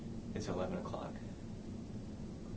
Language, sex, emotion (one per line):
English
male
neutral